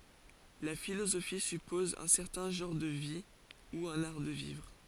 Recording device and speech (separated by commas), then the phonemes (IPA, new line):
forehead accelerometer, read sentence
la filozofi sypɔz œ̃ sɛʁtɛ̃ ʒɑ̃ʁ də vi u œ̃n aʁ də vivʁ